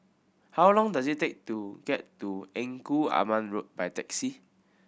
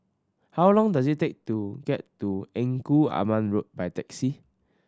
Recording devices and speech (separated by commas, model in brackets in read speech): boundary microphone (BM630), standing microphone (AKG C214), read sentence